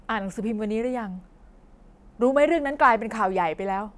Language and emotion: Thai, frustrated